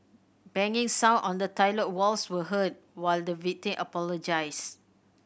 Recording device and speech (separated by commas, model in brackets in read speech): boundary microphone (BM630), read sentence